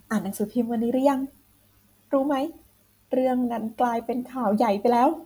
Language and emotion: Thai, happy